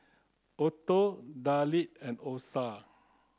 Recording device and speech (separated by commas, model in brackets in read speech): close-talking microphone (WH30), read sentence